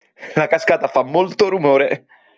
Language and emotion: Italian, happy